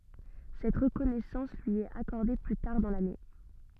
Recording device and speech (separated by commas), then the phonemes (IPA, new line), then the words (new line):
soft in-ear microphone, read sentence
sɛt ʁəkɔnɛsɑ̃s lyi ɛt akɔʁde ply taʁ dɑ̃ lane
Cette reconnaissance lui est accordée plus tard dans l'année.